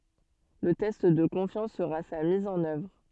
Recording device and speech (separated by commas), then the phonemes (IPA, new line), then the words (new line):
soft in-ear microphone, read sentence
lə tɛst də kɔ̃fjɑ̃s səʁa sa miz ɑ̃n œvʁ
Le test de confiance sera sa mise en œuvre.